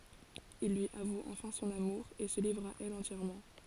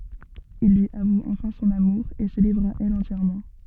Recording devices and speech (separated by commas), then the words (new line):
forehead accelerometer, soft in-ear microphone, read sentence
Il lui avoue enfin son amour, et se livre à elle entièrement.